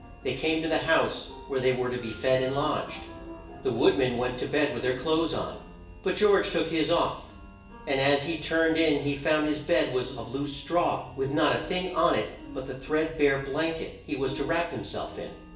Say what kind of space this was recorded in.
A large space.